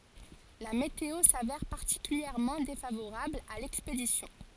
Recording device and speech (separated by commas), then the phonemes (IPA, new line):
forehead accelerometer, read sentence
la meteo savɛʁ paʁtikyljɛʁmɑ̃ defavoʁabl a lɛkspedisjɔ̃